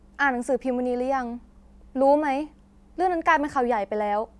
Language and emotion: Thai, neutral